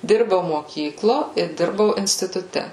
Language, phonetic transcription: Lithuanian, ˈdirbau moˈkyklo i ˈdirbau instituˈte

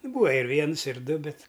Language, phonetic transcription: Lithuanian, ˈbūva ir ˈviens ir ˈdu ˈbet

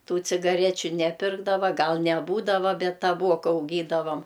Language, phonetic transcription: Lithuanian, ˈtų cigaˈrečiu neˈpirkdava ˈgal neˈbūdava ˈbet taˈbuoka auˈgydavam

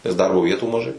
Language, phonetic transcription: Lithuanian, nes ˈdarbo ˈvietų maˈžai

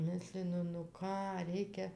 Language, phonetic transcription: Lithuanian, ˈmislinu nu ˈką ˈreikia

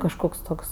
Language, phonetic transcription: Lithuanian, kažˈkoks ˈtoks

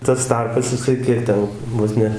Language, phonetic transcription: Lithuanian, tas ˈtarpas jiˈsai ˈkiek ˈten ˈvos ne

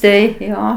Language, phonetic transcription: Lithuanian, ˈtai ˈjo

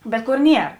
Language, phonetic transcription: Lithuanian, ˈbet ˈkor ˈnier

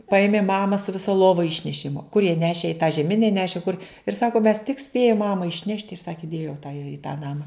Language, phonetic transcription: Lithuanian, ˈpaėmėm ˈmama su viˈsa ˈlova ˈišnešėm kur jie ˈnešė i tą žeˈmine ˈnešė kur ir ˈsaku mes tik ˈspėjum ˈmama išˈnešt ir ˈsaki ˈdėjo ta ja i tą ˈnama

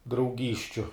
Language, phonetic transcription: Lithuanian, drauˈgysčiu

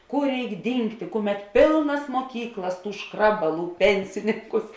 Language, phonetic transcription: Lithuanian, ˈkur ˈreik ˈdyngtė ˈkuˌmet ˈpėlnas muoˈkyklas ˈtų ˈškrabaˌlų ˈpensininkus

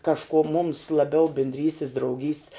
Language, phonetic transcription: Lithuanian, kažˈkuo mums laˈbiau bindˈrystis drauˈgyst's

